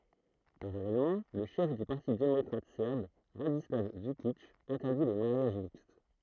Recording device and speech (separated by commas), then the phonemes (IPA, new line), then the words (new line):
throat microphone, read sentence
paʁalɛlmɑ̃ lə ʃɛf dy paʁti demɔkʁatik sɛʁb ʁadislav vykik ɛ̃tɛʁdi le maʁjaʒ mikst
Parallèlement, le chef du parti démocratique serbe, Radislav Vukić, interdit les mariages mixtes.